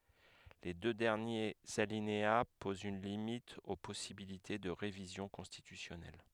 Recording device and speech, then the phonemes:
headset microphone, read sentence
le dø dɛʁnjez alinea pozt yn limit o pɔsibilite də ʁevizjɔ̃ kɔ̃stitysjɔnɛl

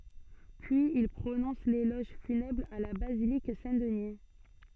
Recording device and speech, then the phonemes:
soft in-ear microphone, read sentence
pyiz il pʁonɔ̃s lelɔʒ fynɛbʁ a la bazilik sɛ̃tdni

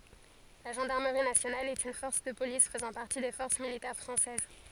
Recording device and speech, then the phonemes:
forehead accelerometer, read sentence
la ʒɑ̃daʁməʁi nasjonal ɛt yn fɔʁs də polis fəzɑ̃ paʁti de fɔʁs militɛʁ fʁɑ̃sɛz

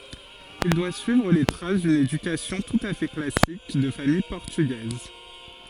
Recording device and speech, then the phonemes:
forehead accelerometer, read sentence
il dwa syivʁ le tʁas dyn edykasjɔ̃ tut a fɛ klasik də famij pɔʁtyɡɛz

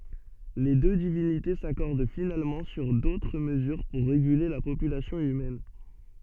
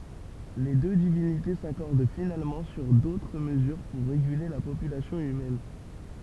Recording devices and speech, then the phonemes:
soft in-ear microphone, temple vibration pickup, read sentence
le dø divinite sakɔʁd finalmɑ̃ syʁ dotʁ məzyʁ puʁ ʁeɡyle la popylasjɔ̃ ymɛn

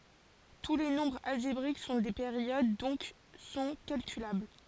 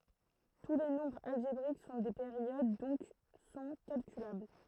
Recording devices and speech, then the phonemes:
forehead accelerometer, throat microphone, read sentence
tu le nɔ̃bʁz alʒebʁik sɔ̃ de peʁjod dɔ̃k sɔ̃ kalkylabl

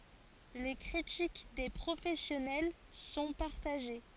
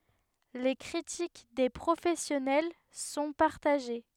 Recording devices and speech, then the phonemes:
forehead accelerometer, headset microphone, read sentence
le kʁitik de pʁofɛsjɔnɛl sɔ̃ paʁtaʒe

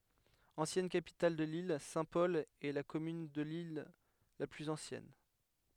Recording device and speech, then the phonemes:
headset microphone, read sentence
ɑ̃sjɛn kapital də lil sɛ̃tpɔl ɛ la kɔmyn də lil la plyz ɑ̃sjɛn

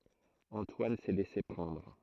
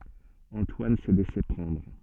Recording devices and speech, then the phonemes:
throat microphone, soft in-ear microphone, read sentence
ɑ̃twan sɛ lɛse pʁɑ̃dʁ

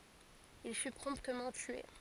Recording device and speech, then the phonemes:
forehead accelerometer, read sentence
il fy pʁɔ̃ptmɑ̃ tye

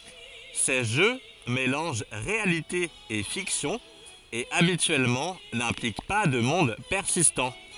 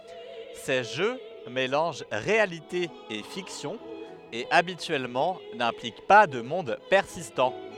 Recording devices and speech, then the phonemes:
forehead accelerometer, headset microphone, read sentence
se ʒø melɑ̃ʒ ʁealite e fiksjɔ̃ e abityɛlmɑ̃ nɛ̃plik pa də mɔ̃d pɛʁsistɑ̃

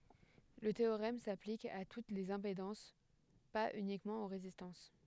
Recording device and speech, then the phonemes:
headset microphone, read sentence
lə teoʁɛm saplik a tut lez ɛ̃pedɑ̃s paz ynikmɑ̃ o ʁezistɑ̃s

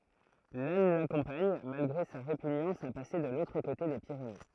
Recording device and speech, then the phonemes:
throat microphone, read sentence
lan lakɔ̃paɲ malɡʁe sa ʁepyɲɑ̃s a pase də lotʁ kote de piʁene

